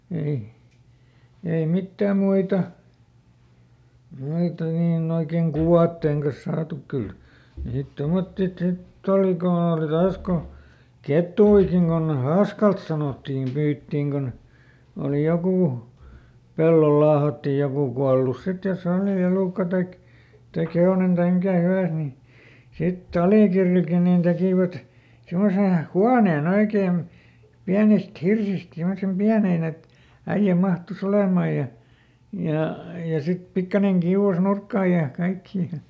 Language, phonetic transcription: Finnish, ˈei , ei ˈmittääm̆ ˈmuita , (ˈnoita) niiˈn ‿oikeⁱn "kuvàttèŋ kas saatu , ˈkyl , niit ˈtomotti ˈsitt ‿oli koˈn ‿òli "taas ko , ˈket̀uikiŋ kon "haaskalt sanottiim ˈpyyttiiŋ kon , oli ˈjokù , "pellol laahatti ˈjokù kualus ˈsit jos ‿òli ˈelùkka taik , taik ˈhe₍onen taim ˈmikä ˈhyvä̀s ni , sit"t ‿Alìkirrilkin nin ˈtekìvät , ˈsimmose , "huaneeˈn ‿oikeem , ˈpiänist ˈhirsist simmosem "piänèn ‿et , ˈäiʲä ˈmahtuˈs ‿olemàj̆ ja , ja , ja ˈsit ˈpikkaneŋ ˈkiuʷas "nurkkaaj̆ ja , ˈkaikkii .
- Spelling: ei ei mitään muita noita niin oikein kuvien kanssa saatu kyllä niitä tuommoisia sitten oli kun oli taas kun kettujakin kun haaskalta sanottiin pyydettiin kun oli joku pellolla laahattiin joku kuollut sitten jos oli elukka tai tai hevonen tai mikä hyvänsä niin sitten Alikirrilläkin niin tekivät semmoisen huoneen oikein pienistä hirsistä semmoisen pienen että äijä mahtui olemaan ja ja ja sitten pikkuinen kiuas nurkkaan ja kaikkia

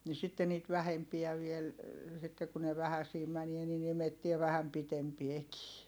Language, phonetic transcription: Finnish, ni sitte niit vähempiä viel , sitte ku ne vähäsii mänie nin ‿imettie vähäm pitempiekii .
- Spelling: niin sitten niitä vähempiä vielä sitten kun ne vähäisiä menee niin imettää vähän pitempiäkin

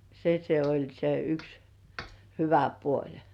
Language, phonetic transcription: Finnish, se se oĺ se yks , "hyvä "puoĺ .
- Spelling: se se oli se yksi hyvä puoli

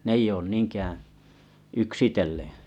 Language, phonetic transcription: Finnish, 'n ‿eij ‿oon 'niiŋkäää̰ , 'yksitelleᵉ̰ .
- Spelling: ne ei ole niinkään yksitellen

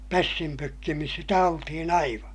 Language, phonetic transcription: Finnish, pässim pökkimis sitä oltihin ‿aiva .
- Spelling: pässin pökkimissä sitä oltiin aivan

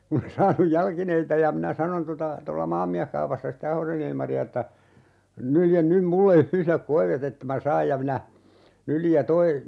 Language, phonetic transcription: Finnish, 'kun ‿e 'saanuj "jalkineita ja 'minä "sanon tota , 'tolla "Maammiähkaupassa sitte 'Ahosen ‿Ilmari₍a että , » 'nyljen 'nym 'mulle 'yhlek "koive't ‿että mä "saaj » ja minä , 'nyljij ja 'toi , .
- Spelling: kun en saanut jalkineita ja minä sanoin tuota tuolla Maamieskaupassa sitten Ahosen Ilmaria että nylje nyt minulle yhdet koivet että minä saan ja minä nyljin ja tuo

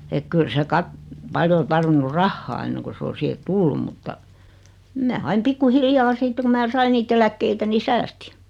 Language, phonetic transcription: Finnish, ek 'kyl se 'kat- , 'paljo o 'tarvinnu "rahhaa enneŋku s ‿o 'siihe "tullum mutta , 'mää aim 'pikku 'hiljaa 'siitte ku mää 'sai niit ‿eläkkeitä ni "säästɪ .
- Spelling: että kyllä se - paljon on tarvinnut rahaa ennen kuin se on siihen tullut mutta minä aina pikku hiljaa sitten kun minä sain niitä eläkkeitä niin säästin

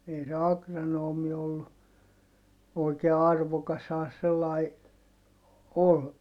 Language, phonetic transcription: Finnish, ei se akranoomi ollu , oikee arvokashaa se sellai , ol , .
- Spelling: ei se agronomi ollut oikein arvokashan se sellainen oli

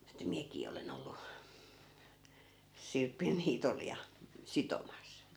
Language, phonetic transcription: Finnish, että 'miäkii 'olen ‿ollu , 'sirpin niitol ja , "sitomas .
- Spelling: että minäkin olen ollut sirpin niitolla ja sitomassa

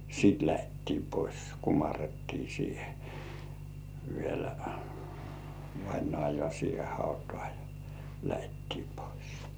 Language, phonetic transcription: Finnish, sìt lähettii pois , 'kumarrettii siihe , vielä , vainŏàjŏà siihe 'hautᴏ̆ᴀ̀ jᴀ , lähettii pois .
- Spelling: sitten lähdettiin pois kumarrettiin siihen vielä vainajaa siihen hautaan jo lähdettiin pois

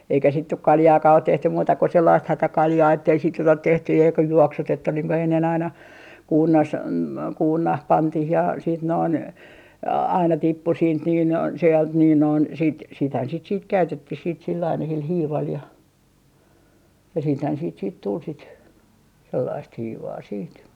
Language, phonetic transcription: Finnish, eikä sit nyk "kaljaakaa ot 'tehtym 'muuta ko 'sellaist "hätäkaljaa ettei sit nyt ‿ot tehty ja joka 'juoksutettu niiŋ ku ennen aina , 'kuurnas , "kuurnah 'pantih ja siit noin , 'aina 'tippu siint niin , 'sealt niin noin "sit 'sithän sit siit 'käytettih sill ‿aina sil 'hiival ja , ja siithän siit siit tul sit , 'sellaist "hiivaa 'siit .
- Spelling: eikä sitten nyt kaljaakaan ole tehty muuta kuin sellaista hätäkaljaa että ei sitten nyt ole tehty ja joka juoksutettu niin kuin ennen aina kuurnassa kuurnaan pantiin ja sitten noin aina tippui siitä niin sieltä niin noin sitten sitähän sitä sitten käytettiin sillä aina sillä hiivalla ja ja sittenhän siitä siitä tuli sitä sellaista hiivaa sitten

